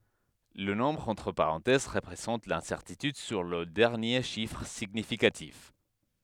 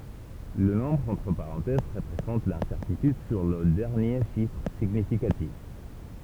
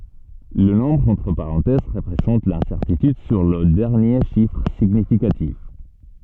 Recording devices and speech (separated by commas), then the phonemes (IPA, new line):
headset microphone, temple vibration pickup, soft in-ear microphone, read sentence
lə nɔ̃bʁ ɑ̃tʁ paʁɑ̃tɛz ʁəpʁezɑ̃t lɛ̃sɛʁtityd syʁ lə dɛʁnje ʃifʁ siɲifikatif